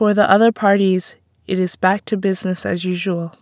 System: none